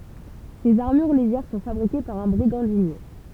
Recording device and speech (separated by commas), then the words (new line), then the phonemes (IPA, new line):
temple vibration pickup, read sentence
Ces armures légères sont fabriquées par un brigandinier.
sez aʁmyʁ leʒɛʁ sɔ̃ fabʁike paʁ œ̃ bʁiɡɑ̃dinje